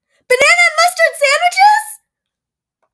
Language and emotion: English, surprised